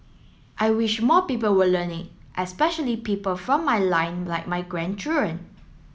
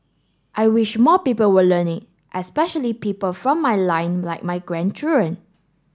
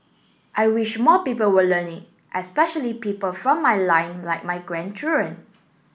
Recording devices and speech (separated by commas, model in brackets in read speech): mobile phone (Samsung S8), standing microphone (AKG C214), boundary microphone (BM630), read sentence